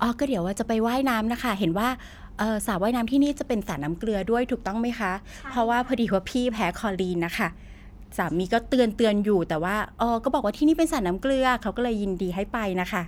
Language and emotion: Thai, happy